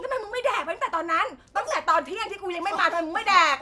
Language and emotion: Thai, angry